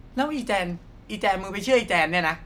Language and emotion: Thai, frustrated